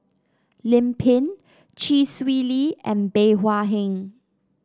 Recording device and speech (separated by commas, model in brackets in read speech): standing microphone (AKG C214), read sentence